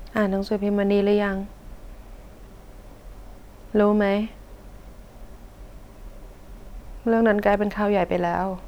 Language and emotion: Thai, sad